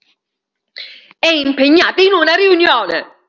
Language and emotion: Italian, angry